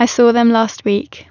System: none